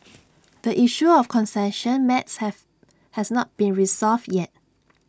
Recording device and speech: standing microphone (AKG C214), read sentence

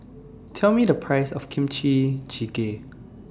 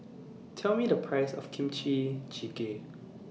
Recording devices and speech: standing microphone (AKG C214), mobile phone (iPhone 6), read sentence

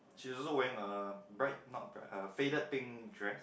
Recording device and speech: boundary microphone, conversation in the same room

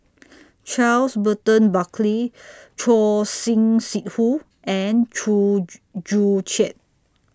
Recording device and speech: standing microphone (AKG C214), read sentence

